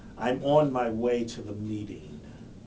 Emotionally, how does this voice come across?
neutral